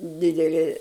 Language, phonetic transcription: Lithuanian, ˈdideli

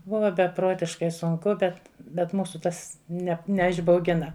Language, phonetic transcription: Lithuanian, ˈbuva beˈprotiškai sunˈku ˈbet bet ˈmūsu ˈtas ˈne neišbauˈgina

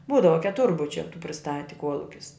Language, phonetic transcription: Lithuanian, ˈbūdava keˈturbučia tų priˈstati ˈkuolukis

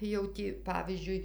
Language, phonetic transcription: Lithuanian, jau ˈtį ˈpavyzdžiui

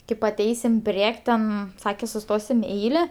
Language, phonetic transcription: Lithuanian, kaip aˈteisim ˈpriek' ten ˈsake suˈstosim i ˈeile

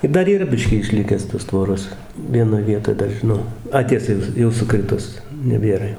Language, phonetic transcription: Lithuanian, ir ˈdar yˈra ˈbiškį išˈlikęs tos ˈtvoros vieˈnoj ˈvietoj ˈdar žiˈnau ˈa ˈtiesa jau ˈjau suˈkritus neˈbėra jau

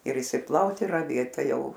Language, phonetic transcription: Lithuanian, ir išsiˈplaut ir raˈvėt ˈtai ˈjau

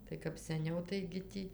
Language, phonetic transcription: Lithuanian, tai kap seˈniau taigi ˈtį

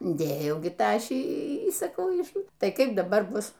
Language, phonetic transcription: Lithuanian, ˈdėjau ˈgi ˈtašį y saˈkau ˈiš ˈtai ˈkaip daˈbar ˈbus

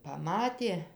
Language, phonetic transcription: Lithuanian, paˈmatė

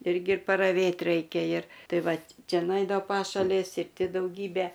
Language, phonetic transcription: Lithuanian, ˈirgi paraˈvėt ˈraikia ir ˈtai ˈvat ˈčia nuˈeidavo ˈpašalės ir ˈti dauˈgybe

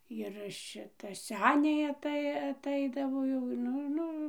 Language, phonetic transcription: Lithuanian, jir ˈšita ˈseniai aˈtai aˈtaidavo ˈjau ˈnu ˈnu

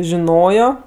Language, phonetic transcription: Lithuanian, žiˈnojo

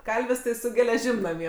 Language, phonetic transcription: Lithuanian, ˈkalvis tai su geleˈžim naˈmie

